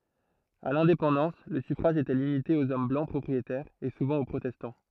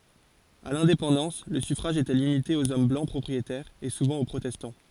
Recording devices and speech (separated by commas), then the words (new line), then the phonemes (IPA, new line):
throat microphone, forehead accelerometer, read sentence
À l'indépendance, le suffrage était limité aux hommes blancs propriétaires, et souvent aux protestants.
a lɛ̃depɑ̃dɑ̃s lə syfʁaʒ etɛ limite oz ɔm blɑ̃ pʁɔpʁietɛʁz e suvɑ̃ o pʁotɛstɑ̃